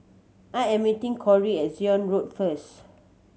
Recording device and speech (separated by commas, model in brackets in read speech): mobile phone (Samsung C7100), read sentence